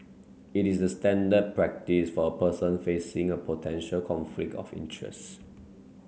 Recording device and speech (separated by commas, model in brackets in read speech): mobile phone (Samsung C9), read sentence